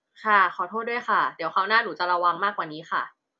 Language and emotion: Thai, frustrated